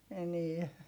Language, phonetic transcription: Finnish, enie .
- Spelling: enää

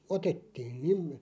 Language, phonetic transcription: Finnish, otettiin 'nim .
- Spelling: otettiin niin

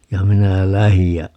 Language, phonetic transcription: Finnish, ja 'minä "lähij ja ,.
- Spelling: ja minä lähdin ja

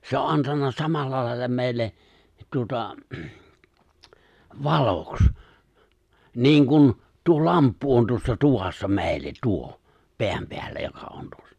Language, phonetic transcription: Finnish, 'se o’ '’antanna 'samallalài̬lla 'mè̬i̬lle , tuᵒta , "valoks , 'niiŋ kun , tuo"lamppu on 'tuossa 'tuvassa 'mè̬i̬llet 'tuo , 'peämpeällä joka on tᴜᴏssᴀ .
- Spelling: se on antanut samalla lailla meille tuota valoksi niin kuin tuo lamppu on tuossa tuvassa meille tuo pään päällä joka on tuossa

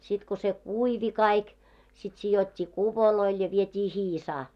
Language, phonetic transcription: Finnish, sit ko se "kuivi kaik , sit 'sijot́t́ii "kupoloil ja 'viet́ii "hiisaa .
- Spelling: sitten kun se kuivui kaikki sitten sidottiin kuvoille ja vietiin hiisaan

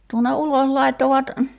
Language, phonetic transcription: Finnish, tuon̆ne 'uloʰ laittovat ,.
- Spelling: tuonne ulos laittoivat

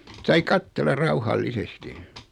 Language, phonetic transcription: Finnish, sai 'kattel̀a "rauhal"lisesti .
- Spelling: sai katsella rauhallisesti

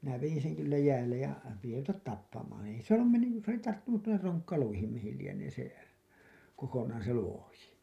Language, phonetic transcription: Finnish, minä vejin seŋ kyllä 'jäällej ja , piti ruvetat 'tappamaaa̰ ei se ‿ollum mennyj juur(i) , se ‿oli tarttunut tuonner "roŋkkaluihim mihil lienee se , ko-konaan̬ se "luoji .
- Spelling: minä vedin sen kyllä jäälle ja piti ruveta tappamaan ei se ollut mennyt juuri se oli tarttunut tuonne ronkkaluihin mihin lienee se kokonaan se luoti

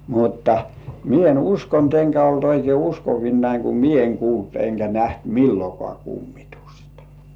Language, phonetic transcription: Finnish, mutta , "mie en 'uskont eŋkä olt 'oikei "uskovinnaiŋ ku "mie eŋ kuult eŋkä 'näht "millokŏà kummɪtᴜstᴀ .
- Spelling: mutta minä en uskonut enkä ollut oikein uskovinani kun minä en kuullut enkä nähnyt milloinkaan kummitusta

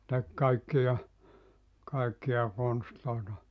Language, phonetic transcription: Finnish, se 'tek 'kaikkija , 'kaekkiʲa 'konstlòeta .
- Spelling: se teki kaikkia kaikkia konsteja

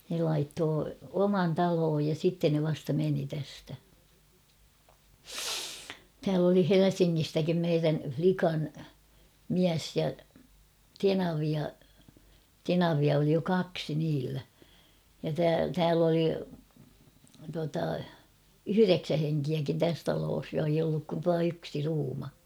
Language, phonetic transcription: Finnish, ne laittoo "oman 'talooj ja 'sitten ne vasta 'meni tästä , tääl ‿oli "Helesiŋŋistäkim meirän͕̬ 'flikan , ''miäs ja , ''tenavia , 'tenavia oli jo "kaksi niillä , ja tä- 'tääl ‿oli , tuata , "yhyreksä heŋkiäkin 'täs taloos ja eij ‿olluk kun (tua) 'yksi 'ruuma .
- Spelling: ne laittoivat oman talon ja sitten ne vasta meni tästä täällä oli Helsingistäkin meidän likan mies ja tenavia tenavia oli jo kaksi niillä ja - täällä oli tuota yhdeksän henkeäkin tässä talossa ja ei ollut kuin tuo yksi ruuma

